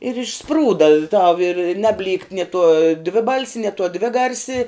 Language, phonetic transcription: Lithuanian, ir išˈsprūda tau ir ˈnabˌlykt ni tuo ˈdviˌbalsi nie tuo ˈdviˌgarsi

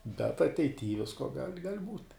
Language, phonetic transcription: Lithuanian, bet ateiˈty ˈvisko gal' gal' būt'

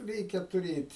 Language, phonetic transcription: Lithuanian, ˈreikia tuˈrėt'

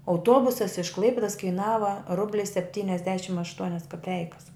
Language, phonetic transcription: Lithuanian, auˈtuobusas iš ˈklaipidos kaiˈnava ˈrubli sepˈtyniasdešim ašˈtuonias kaˈpeikas

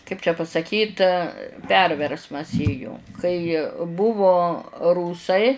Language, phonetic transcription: Lithuanian, kaip čia pasaˈkyt ˈperversmas ˈėjo kai ˈbuvo ˈrūsai

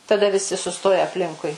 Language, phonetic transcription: Lithuanian, taˈda viˈsi suˈstoja apˈlinkui

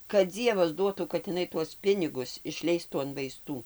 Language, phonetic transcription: Lithuanian, kad ˈdzievas ˈduotų kad iˈnai tuos ˈpinigus išˈleistų an vaiˈstų

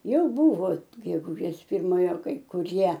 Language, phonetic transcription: Lithuanian, ˈjau ˈbuvo geguˈžės pirˈmojo kai kuˈrie

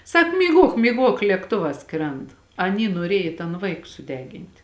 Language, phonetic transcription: Lithuanian, ˈsak myˈguok myˈguok lėkˈtovā ˈskrend aˈny nuoˈriej i tan ˈvaik suˈdegint'

